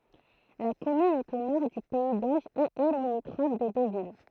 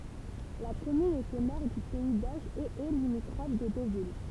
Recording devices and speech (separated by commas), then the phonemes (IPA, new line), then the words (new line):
throat microphone, temple vibration pickup, read sentence
la kɔmyn ɛt o nɔʁ dy pɛi doʒ e ɛ limitʁɔf də dovil
La commune est au nord du pays d'Auge et est limitrophe de Deauville.